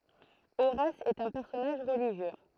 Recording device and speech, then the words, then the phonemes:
throat microphone, read sentence
Horace est un personnage religieux.
oʁas ɛt œ̃ pɛʁsɔnaʒ ʁəliʒjø

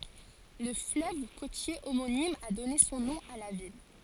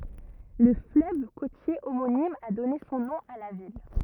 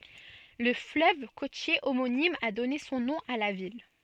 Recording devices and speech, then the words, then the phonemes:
forehead accelerometer, rigid in-ear microphone, soft in-ear microphone, read sentence
Le fleuve côtier homonyme a donné son nom à la ville.
lə fløv kotje omonim a dɔne sɔ̃ nɔ̃ a la vil

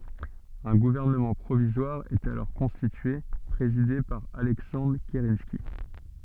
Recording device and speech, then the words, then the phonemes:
soft in-ear microphone, read sentence
Un gouvernement provisoire est alors constitué, présidé par Alexandre Kerensky.
œ̃ ɡuvɛʁnəmɑ̃ pʁovizwaʁ ɛt alɔʁ kɔ̃stitye pʁezide paʁ alɛksɑ̃dʁ kəʁɑ̃ski

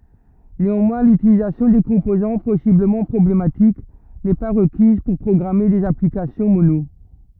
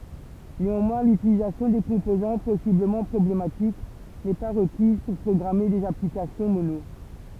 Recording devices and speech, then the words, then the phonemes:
rigid in-ear microphone, temple vibration pickup, read sentence
Néanmoins, l'utilisation des composants possiblement problématiques n'est pas requise pour programmer des applications Mono.
neɑ̃mwɛ̃ lytilizasjɔ̃ de kɔ̃pozɑ̃ pɔsibləmɑ̃ pʁɔblematik nɛ pa ʁəkiz puʁ pʁɔɡʁame dez aplikasjɔ̃ mono

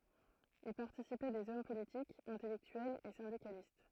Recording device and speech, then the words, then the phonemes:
throat microphone, read sentence
Y participaient des hommes politiques, intellectuels et syndicalistes.
i paʁtisipɛ dez ɔm politikz ɛ̃tɛlɛktyɛlz e sɛ̃dikalist

